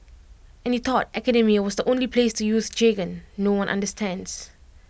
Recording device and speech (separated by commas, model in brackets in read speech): boundary microphone (BM630), read sentence